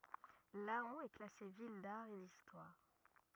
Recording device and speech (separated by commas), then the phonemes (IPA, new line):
rigid in-ear microphone, read sentence
lɑ̃ ɛ klase vil daʁ e distwaʁ